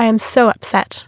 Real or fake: real